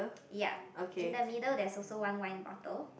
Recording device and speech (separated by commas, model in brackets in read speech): boundary microphone, conversation in the same room